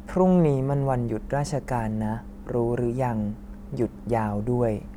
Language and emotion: Thai, neutral